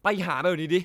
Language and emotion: Thai, angry